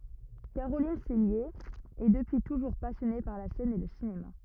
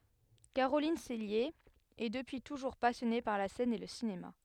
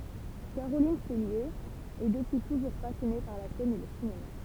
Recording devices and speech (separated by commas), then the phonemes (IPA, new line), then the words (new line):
rigid in-ear microphone, headset microphone, temple vibration pickup, read sentence
kaʁolin sɛlje ɛ dəpyi tuʒuʁ pasjɔne paʁ la sɛn e lə sinema
Caroline Cellier est depuis toujours passionnée par la scène et le cinéma.